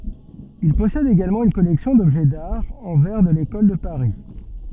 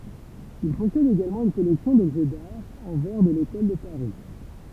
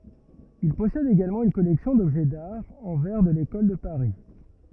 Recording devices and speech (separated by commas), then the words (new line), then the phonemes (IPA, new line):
soft in-ear microphone, temple vibration pickup, rigid in-ear microphone, read sentence
Il possède également une collection d’objets d’art en verre de l'École de Paris.
il pɔsɛd eɡalmɑ̃ yn kɔlɛksjɔ̃ dɔbʒɛ daʁ ɑ̃ vɛʁ də lekɔl də paʁi